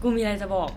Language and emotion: Thai, happy